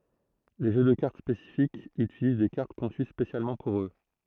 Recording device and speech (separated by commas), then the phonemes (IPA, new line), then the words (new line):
throat microphone, read sentence
le ʒø də kaʁt spesifikz ytiliz de kaʁt kɔ̃sy spesjalmɑ̃ puʁ ø
Les jeux de cartes spécifiques utilisent des cartes conçues spécialement pour eux.